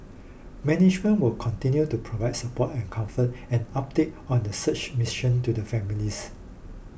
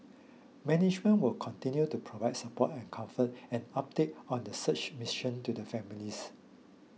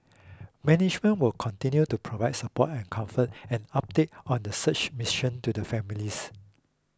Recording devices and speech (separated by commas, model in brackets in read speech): boundary microphone (BM630), mobile phone (iPhone 6), close-talking microphone (WH20), read sentence